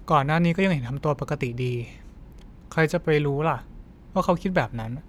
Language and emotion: Thai, frustrated